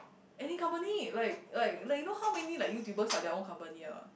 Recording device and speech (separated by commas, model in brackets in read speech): boundary microphone, conversation in the same room